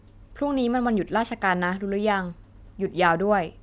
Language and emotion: Thai, neutral